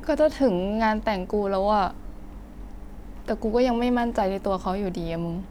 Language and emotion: Thai, frustrated